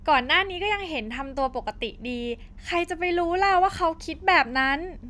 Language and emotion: Thai, happy